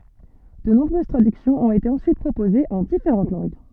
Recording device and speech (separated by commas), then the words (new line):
soft in-ear microphone, read sentence
De nombreuses traductions ont été ensuite proposées en différentes langues.